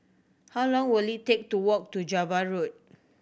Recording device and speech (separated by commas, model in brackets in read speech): boundary microphone (BM630), read sentence